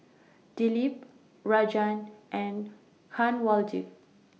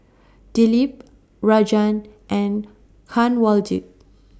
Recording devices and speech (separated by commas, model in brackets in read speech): mobile phone (iPhone 6), standing microphone (AKG C214), read sentence